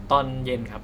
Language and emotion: Thai, neutral